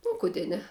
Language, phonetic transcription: Lithuanian, o kuˈdė ˈne

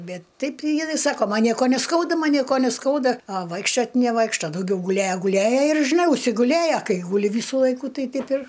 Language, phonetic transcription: Lithuanian, ˈbet ˈtaip jiˈnai ˈsako ˈman ˈnieko neˈskauda ˈman ˈnieko neˈskauda a ˈvaikščiot neˈvaikšto dauˈgiau guˈlėja guˈlėja ir žiˈnai užsiguˈlėja ˈkai guˈli ˈvysu ˈlaiku ˈtai ˈteip ir

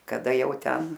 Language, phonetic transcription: Lithuanian, kaˈda ˈjau ˈten

